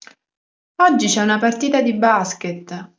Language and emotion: Italian, neutral